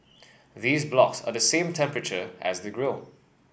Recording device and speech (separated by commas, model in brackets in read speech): boundary microphone (BM630), read sentence